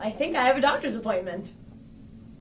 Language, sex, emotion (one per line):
English
female
happy